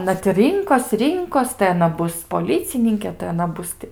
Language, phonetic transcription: Lithuanian, aˈna ti ˈrinkos ˈrinkos tai aˈna ˈbus poˈlicininkė tai aˈna ˈbus ti

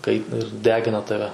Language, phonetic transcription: Lithuanian, ˈkaitina ir ˈdegina ˈtave

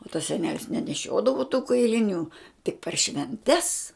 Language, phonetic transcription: Lithuanian, o tas seˈnelis neneˈšiodavu tų kailiˈnių tik per švenˈtes

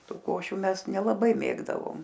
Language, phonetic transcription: Lithuanian, ˈtų ˈkošiu ˈmes nelaˈbai ˈmėgdavom

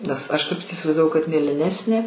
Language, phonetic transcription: Lithuanian, nes ˈaš ˈtaip tį įsivaizdaˈvau kad mėliˈnesnė

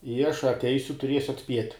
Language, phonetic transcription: Lithuanian, i aš atˈeisiu tuˈriesiu atˈspiet'

